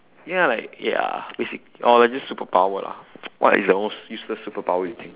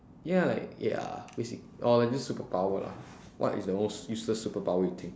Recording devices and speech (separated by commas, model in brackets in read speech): telephone, standing microphone, conversation in separate rooms